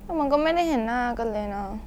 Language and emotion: Thai, frustrated